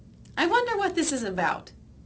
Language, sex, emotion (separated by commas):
English, female, happy